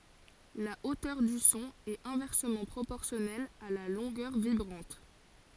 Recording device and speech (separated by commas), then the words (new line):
forehead accelerometer, read sentence
La hauteur du son est inversement proportionnelle à la longueur vibrante.